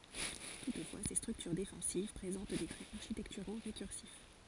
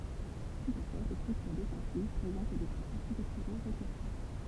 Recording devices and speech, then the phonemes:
forehead accelerometer, temple vibration pickup, read sentence
tutfwa se stʁyktyʁ defɑ̃siv pʁezɑ̃t de tʁɛz aʁʃitɛktyʁo ʁekyʁsif

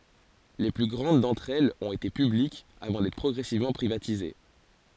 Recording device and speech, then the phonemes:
forehead accelerometer, read sentence
le ply ɡʁɑ̃d dɑ̃tʁ ɛlz ɔ̃t ete pyblikz avɑ̃ dɛtʁ pʁɔɡʁɛsivmɑ̃ pʁivatize

